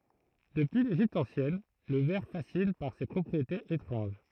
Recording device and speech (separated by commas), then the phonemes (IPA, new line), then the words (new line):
throat microphone, read sentence
dəpyi leʒipt ɑ̃sjɛn lə vɛʁ fasin paʁ se pʁɔpʁietez etʁɑ̃ʒ
Depuis l’Égypte ancienne, le verre fascine par ses propriétés étranges.